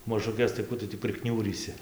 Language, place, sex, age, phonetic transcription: Lithuanian, Dzūkija, male, 18-60, mažuˈkes tai ˈkų tu tį priˈkniūrysi

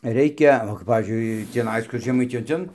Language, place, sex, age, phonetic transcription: Lithuanian, Dzūkija, male, 60+, ˈreikia o kap ˈpavyzdžiui tįˈnais ˈkur žeˈmaitijoj ˈten

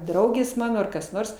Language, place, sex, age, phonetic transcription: Lithuanian, Aukštaitija, female, 60+, ˈdraugės ˈmano ˈar kas ˈnors

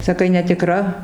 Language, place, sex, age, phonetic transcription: Lithuanian, Dzūkija, female, 60+, saˈkai netiˈkra

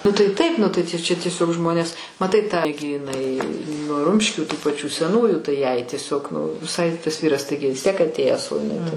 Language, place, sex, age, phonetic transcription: Lithuanian, Aukštaitija, female, 60+, nu tai ˈtaip ˈnu tai čia tieˈsiog ˈžmonės maˈtai ta gi iˈnai nu ˈrumškių tų paˈčių seˈnųjų tai jai tieˈsiog viˈsai tas ˈvyras ˈtaigi vis ˈtiek atˈėjęs o iˈnai tai

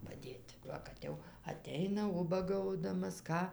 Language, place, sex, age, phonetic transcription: Lithuanian, Dzūkija, female, 60+, paˈdėt' ˈva kad ˈjau aˈteina ˈubagaudamas ˈką

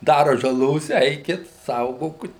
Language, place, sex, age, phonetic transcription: Lithuanian, Suvalkija, male, 60+, ˈdara žaˈlos ˈeikit ˈsaugokut

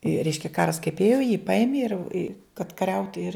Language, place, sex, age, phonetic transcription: Lithuanian, Žemaitija, female, 60+, i ˈreiškia ˈkaras kaip ˈėjo jį ˈpaimė ir i kad kaˈriauti ir

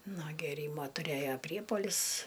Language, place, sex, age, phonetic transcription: Lithuanian, Aukštaitija, female, 60+, nuo gėˈrymo tuˈrėjo ˈpriepuolis

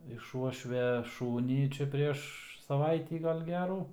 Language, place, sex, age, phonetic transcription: Lithuanian, Aukštaitija, male, 18-60, iš ˈuošvia ˈšūnį čia ˈprieš saˈvaitį ˈgal' ˈgerų

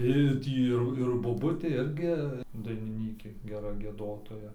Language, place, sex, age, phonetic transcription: Lithuanian, Dzūkija, male, 18-60, i ˈtį ir ir boˈbutė ˈirgi dainiˈnykė geˈra gieˈdotoja

